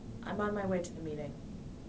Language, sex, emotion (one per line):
English
female
neutral